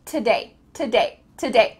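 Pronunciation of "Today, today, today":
In each 'today', the o sound is cut out, so the word sounds like 't day', with just a t sound before 'day'.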